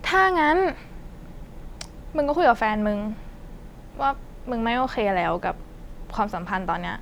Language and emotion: Thai, frustrated